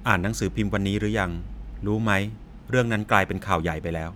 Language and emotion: Thai, neutral